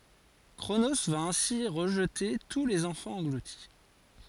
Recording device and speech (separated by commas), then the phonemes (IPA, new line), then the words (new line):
forehead accelerometer, read sentence
kʁono va ɛ̃si ʁəʒte tu lez ɑ̃fɑ̃z ɑ̃ɡluti
Cronos va ainsi rejeter tous les enfants engloutis.